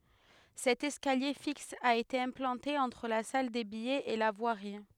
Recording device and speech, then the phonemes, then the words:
headset microphone, read sentence
sɛt ɛskalje fiks a ete ɛ̃plɑ̃te ɑ̃tʁ la sal de bijɛz e la vwaʁi
Cet escalier fixe a été implanté entre la salle des billets et la voirie.

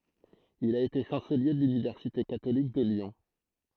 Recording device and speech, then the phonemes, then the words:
throat microphone, read sentence
il a ete ʃɑ̃səlje də lynivɛʁsite katolik də ljɔ̃
Il a été chancelier de l'université catholique de Lyon.

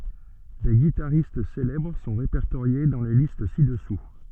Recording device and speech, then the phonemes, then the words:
soft in-ear microphone, read sentence
de ɡitaʁist selɛbʁ sɔ̃ ʁepɛʁtoʁje dɑ̃ le list sidɛsu
Des guitaristes célèbres sont répertoriés dans les listes ci-dessous.

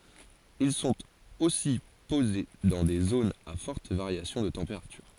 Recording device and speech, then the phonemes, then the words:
forehead accelerometer, read sentence
il sɔ̃t osi poze dɑ̃ de zonz a fɔʁt vaʁjasjɔ̃ də tɑ̃peʁatyʁ
Ils sont aussi posés dans des zones à forte variation de température.

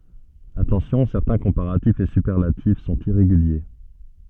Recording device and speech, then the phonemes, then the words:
soft in-ear microphone, read sentence
atɑ̃sjɔ̃ sɛʁtɛ̃ kɔ̃paʁatifz e sypɛʁlatif sɔ̃t iʁeɡylje
Attention: certains comparatifs et superlatifs sont irréguliers.

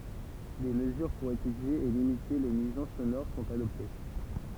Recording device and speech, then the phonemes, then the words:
temple vibration pickup, read sentence
de məzyʁ puʁ etydje e limite le nyizɑ̃s sonoʁ sɔ̃t adɔpte
Des mesures pour étudier et limiter les nuisances sonores sont adoptées.

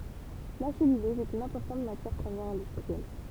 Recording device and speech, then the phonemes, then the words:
temple vibration pickup, read sentence
la sɛlylɔz ɛt yn ɛ̃pɔʁtɑ̃t matjɛʁ pʁəmjɛʁ ɛ̃dystʁiɛl
La cellulose est une importante matière première industrielle.

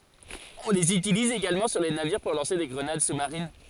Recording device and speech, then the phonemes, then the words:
forehead accelerometer, read sentence
ɔ̃ lez ytiliz eɡalmɑ̃ syʁ le naviʁ puʁ lɑ̃se de ɡʁənad su maʁin
On les utilise également sur les navires pour lancer des grenades sous marines.

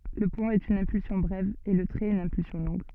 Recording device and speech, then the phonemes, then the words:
soft in-ear microphone, read sentence
lə pwɛ̃ ɛt yn ɛ̃pylsjɔ̃ bʁɛv e lə tʁɛt yn ɛ̃pylsjɔ̃ lɔ̃ɡ
Le point est une impulsion brève et le trait une impulsion longue.

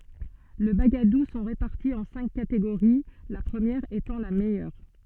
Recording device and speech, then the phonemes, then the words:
soft in-ear microphone, read sentence
le baɡadu sɔ̃ ʁepaʁti ɑ̃ sɛ̃k kateɡoʁi la pʁəmjɛʁ etɑ̃ la mɛjœʁ
Les bagadoù sont répartis en cinq catégories, la première étant la meilleure.

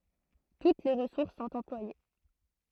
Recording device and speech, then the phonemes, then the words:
throat microphone, read sentence
tut le ʁəsuʁs sɔ̃t ɑ̃plwaje
Toutes les ressources sont employées.

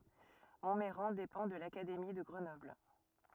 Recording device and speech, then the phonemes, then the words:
rigid in-ear microphone, read sentence
mɔ̃mɛʁɑ̃ depɑ̃ də lakademi də ɡʁənɔbl
Montmeyran dépend de l'académie de Grenoble.

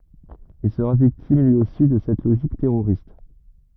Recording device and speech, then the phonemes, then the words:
rigid in-ear microphone, read sentence
il səʁa viktim lyi osi də sɛt loʒik tɛʁoʁist
Il sera victime lui aussi de cette logique terroriste.

